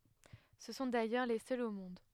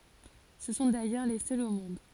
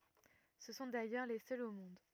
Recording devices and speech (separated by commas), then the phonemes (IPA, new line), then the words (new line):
headset microphone, forehead accelerometer, rigid in-ear microphone, read sentence
sə sɔ̃ dajœʁ le sœlz o mɔ̃d
Ce sont d'ailleurs les seuls au monde.